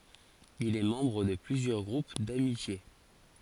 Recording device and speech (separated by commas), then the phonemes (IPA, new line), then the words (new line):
forehead accelerometer, read sentence
il ɛ mɑ̃bʁ də plyzjœʁ ɡʁup damitje
Il est membre de plusieurs groupes d'amitié.